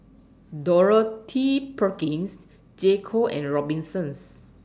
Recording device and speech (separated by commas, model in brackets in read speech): standing microphone (AKG C214), read sentence